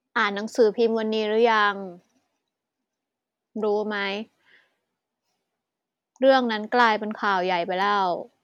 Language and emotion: Thai, frustrated